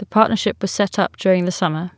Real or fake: real